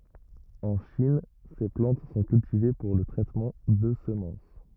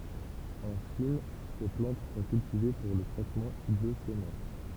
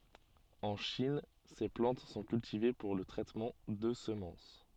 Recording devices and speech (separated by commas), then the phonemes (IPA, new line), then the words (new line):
rigid in-ear microphone, temple vibration pickup, soft in-ear microphone, read sentence
ɑ̃ ʃin se plɑ̃t sɔ̃ kyltive puʁ lə tʁɛtmɑ̃ də səmɑ̃s
En Chine, ces plantes sont cultivées pour le traitement de semences.